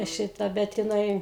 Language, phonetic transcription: Lithuanian, ˈšita ˈbet jiˈnai

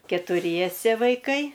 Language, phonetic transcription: Lithuanian, ketuˈriese vaiˈkai

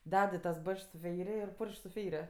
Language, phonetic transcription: Lithuanian, ˈded i tas ˈbačks su ˈfeiri ir ˈpurš'k' su ˈfeiri

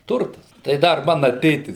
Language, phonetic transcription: Lithuanian, ˈturtas tai ˈdar ˈmana ˈtėtis

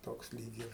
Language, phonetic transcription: Lithuanian, ˈtoks ˈlyg ir

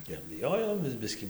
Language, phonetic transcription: Lithuanian, ir biˈjojomės ˈbiskį

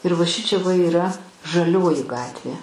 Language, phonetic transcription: Lithuanian, ir va ˈšičia va yˈra žaˈlioji ˈgatvė

